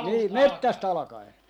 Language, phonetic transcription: Finnish, nii "mettäst 'alᵃkai .
- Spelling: niin metsästä alkaen

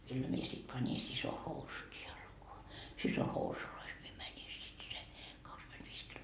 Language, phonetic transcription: Finnish, kyllä 'mie sit pani 'siso 'housut jalkoa , 'siso 'housulois mie mäni sit se , kakskymenDviis kil- ,.
- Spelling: kyllä minä sitten panin siskon housut jalkaan siskon housuissa minä menin sitten sen kaksikymmentäviisi -

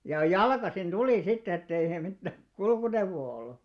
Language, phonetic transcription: Finnish, jà "jalkasin ᴅulì sitt ‿ettei sel mittää , 'kulkuneuvvoo 'ollu .
- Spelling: ja jalkaisin tuli sitten että ei sillä mitään kulkuneuvoa ollut

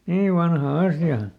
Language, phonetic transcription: Finnish, ˈni , ˈniiv vanha ˈasja .
- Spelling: niin niin vanha asia

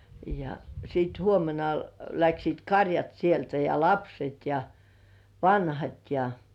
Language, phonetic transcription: Finnish, ja siit 'huomena , läksiit "karjat sieltä ja "lapset ja , "vanhat ja .
- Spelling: ja sitten huomenna lähtivät karjat sieltä ja lapset ja vanhat ja

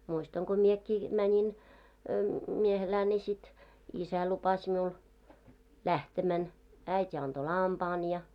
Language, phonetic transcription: Finnish, muistaŋ ɢo 'miekkii , 'mäńin , 'miehelää ńi sit , 'isä lupas miul , "lähtemän , 'äit́ ‿anᴅo "lampaan ja .
- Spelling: muistan kun minäkin menin miehelään niin sitten isä lupasi minulle lähtemän äiti antoi lampaan ja

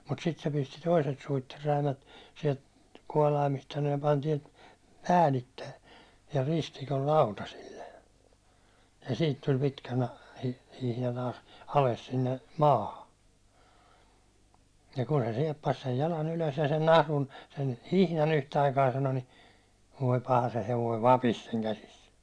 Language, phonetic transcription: Finnish, mut sit se pisti 'toiset 'suitterräimät , siɛlt 'kuålaimist « sano » ja pan tiɛlt 'päälittej ja 'ristikol "lautasille , ja siit tuĺ pitkä na- , hihna -na- , 'ales sinne , "maaha , ja ku se 'siɛppas sej 'jala'n ‿ylös ja sen 'nahlun , sen 'hihna'n ‿yhtäaikaa « sano » ni , voi "paha se hevoi "vapis seŋ 'käsis . «
- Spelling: mutta sitten se pisti toiset suitsenräimät sieltä kuolaimista sanoi ja pani täältä päällitse ja ristikon lautasille ja siitä tuli pitkä - hihna - alas sinne maahan ja kun se sieppasi sen jalan ylös ja sen nahlun sen hihnan yhtä aikaa sanoi niin voi paha se hevonen vapisi sen käsissä

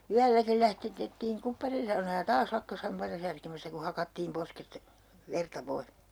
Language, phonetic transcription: Finnish, 'yälläkil lähtetettiiŋ 'kupparinsaunaa ja "taas "lakkas 'hampaita särkemästä ku 'hakattiim 'posket , 'verta 'pois .
- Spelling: yölläkin lähdetettiin kupparinsaunaan ja taas lakkasi hampaita särkemästä kun hakattiin posket verta pois

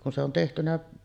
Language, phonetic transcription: Finnish, kun se on tehtynä ,.
- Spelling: kun se on tehty

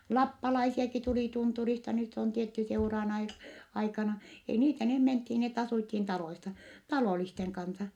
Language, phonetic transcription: Finnish, lappalaisiaki tuli tunturista nyt on tietty seuraan ai- , aikana , ei niitä , neh menthin , net asùthin taloisa , talòlisteŋ kansa .
- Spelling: lappalaisiakin tuli tunturista nyt on tietty seurojen - aikana ei niitä ne mentiin ne asuttiin taloissa talollisten kanssa

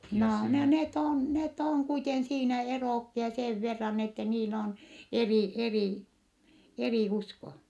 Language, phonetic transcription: Finnish, noo net on , net ‿oŋ kuiten siinä eròkkia seev verran ettɛ niil ‿on , erì , erì , erì usko .
- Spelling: no ne on ne on kuiten siinä erokkia sen verran että niillä on eri eri eri usko

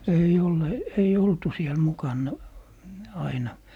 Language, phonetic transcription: Finnish, 'ei'j ‿ole , ei 'oltu siel 'mukanna , 'aina .
- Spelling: ei ole ei oltu siellä mukana aina

